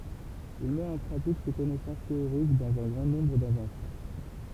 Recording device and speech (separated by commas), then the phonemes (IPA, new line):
temple vibration pickup, read sentence
il mɛt ɑ̃ pʁatik se kɔnɛsɑ̃s teoʁik dɑ̃z œ̃ ɡʁɑ̃ nɔ̃bʁ dɛ̃vɑ̃sjɔ̃